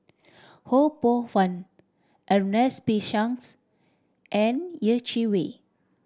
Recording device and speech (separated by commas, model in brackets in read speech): standing microphone (AKG C214), read sentence